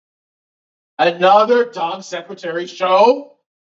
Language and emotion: English, angry